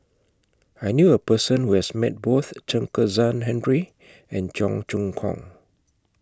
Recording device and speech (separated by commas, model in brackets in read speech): close-talking microphone (WH20), read sentence